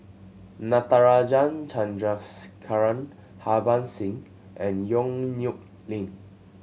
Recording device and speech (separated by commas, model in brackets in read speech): mobile phone (Samsung C7100), read sentence